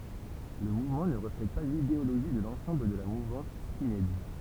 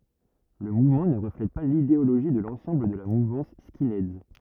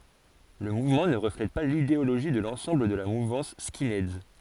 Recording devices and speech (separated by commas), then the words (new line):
temple vibration pickup, rigid in-ear microphone, forehead accelerometer, read sentence
Le mouvement ne reflète pas l'idéologie de l'ensemble de la mouvance skinheads.